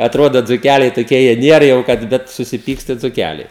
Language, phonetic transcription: Lithuanian, atˈrodo dzuˈkæliai toˈkie ˈjie ˈnier jau ˈkad ˈbet susiˈpyksta i dzuˈkæliai

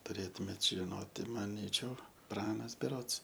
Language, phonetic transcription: Lithuanian, tuˈrėtumėt žiˈnoti maˈnyčiau ˈpranas beˈrods

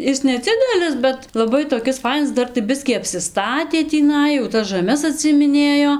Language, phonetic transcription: Lithuanian, ˈis neˈdzidelis bet laˈbai toˈkis ˈfainas ˈdar tai ˈbiskį apsiˈstatė tįˈnai jau ˈtas žaˈmes atsiimiˈnėjo

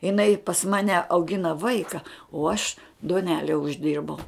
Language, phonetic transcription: Lithuanian, iˈnai pas ˈmane auˈgina ˈvaika o aš duoˈnele užˈdirbau

